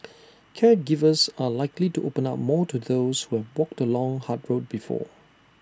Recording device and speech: standing microphone (AKG C214), read sentence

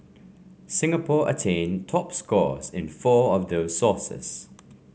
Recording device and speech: mobile phone (Samsung C5), read sentence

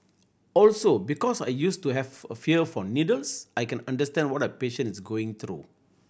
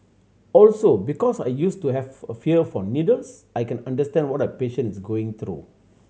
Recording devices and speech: boundary microphone (BM630), mobile phone (Samsung C7100), read sentence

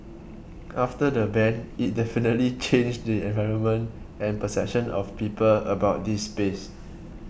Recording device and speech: boundary microphone (BM630), read sentence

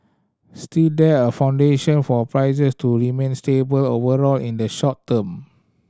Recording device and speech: standing microphone (AKG C214), read sentence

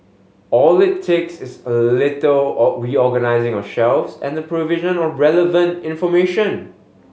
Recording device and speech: mobile phone (Samsung S8), read sentence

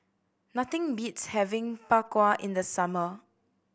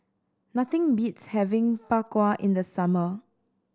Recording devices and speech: boundary microphone (BM630), standing microphone (AKG C214), read sentence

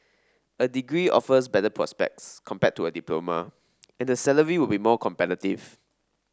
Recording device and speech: standing microphone (AKG C214), read sentence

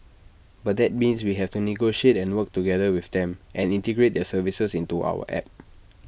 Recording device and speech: boundary microphone (BM630), read sentence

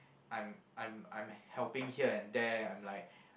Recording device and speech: boundary microphone, conversation in the same room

